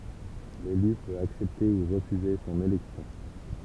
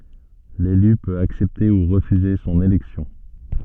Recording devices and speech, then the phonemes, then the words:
temple vibration pickup, soft in-ear microphone, read sentence
lely pøt aksɛpte u ʁəfyze sɔ̃n elɛksjɔ̃
L'élu peut accepter ou refuser son élection.

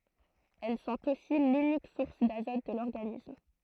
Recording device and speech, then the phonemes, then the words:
throat microphone, read sentence
ɛl sɔ̃t osi lynik suʁs dazɔt də lɔʁɡanism
Elles sont aussi l’unique source d'azote de l'organisme.

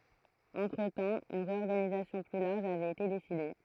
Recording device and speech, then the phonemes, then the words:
throat microphone, read sentence
ɑ̃tʁətɑ̃ yn ʁeɔʁɡanizasjɔ̃ ply laʁʒ avɛt ete deside
Entretemps, une réorganisation plus large avait été décidée.

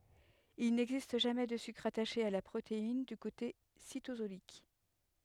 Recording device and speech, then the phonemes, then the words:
headset microphone, read sentence
il nɛɡzist ʒamɛ də sykʁ ataʃe a la pʁotein dy kote sitozolik
Il n’existe jamais de sucre attaché à la protéine du côté cytosolique.

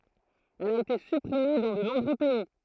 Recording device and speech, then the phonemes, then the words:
throat microphone, read sentence
ɛl a ete sypʁime dɑ̃ də nɔ̃bʁø pɛi
Elle a été supprimée dans de nombreux pays.

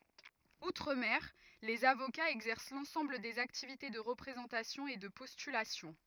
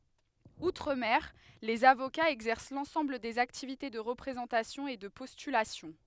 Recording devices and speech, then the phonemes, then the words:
rigid in-ear microphone, headset microphone, read sentence
utʁ mɛʁ lez avokaz ɛɡzɛʁs lɑ̃sɑ̃bl dez aktivite də ʁəpʁezɑ̃tasjɔ̃ e də pɔstylasjɔ̃
Outre-mer, les avocats exercent l'ensemble des activités de représentation et de postulation.

